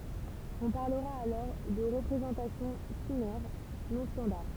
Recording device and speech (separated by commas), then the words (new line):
temple vibration pickup, read sentence
On parlera alors de représentations phinaires non standards.